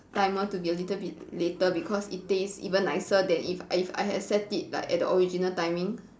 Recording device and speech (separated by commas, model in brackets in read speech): standing microphone, conversation in separate rooms